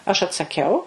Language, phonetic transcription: Lithuanian, aš atsaˈkiau

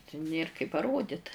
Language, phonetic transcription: Lithuanian, ti ˈnėr kai paˈrodit

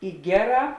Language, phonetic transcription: Lithuanian, i ˈgeˌrā

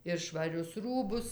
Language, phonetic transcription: Lithuanian, ir švaˈrius ˈrūbus

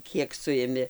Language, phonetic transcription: Lithuanian, ˈkiek ˈsuimi

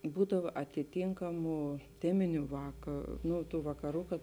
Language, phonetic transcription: Lithuanian, ˈbūdava atiˈtinkamu ˈteminiu ˈvaka ˈnu tų vakaˈrų kad

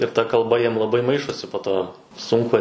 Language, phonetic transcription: Lithuanian, ir ta kalˈba ˈjiem laˈbai ˈmaišosi po ˈto ˈsunku

